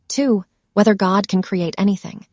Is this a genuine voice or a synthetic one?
synthetic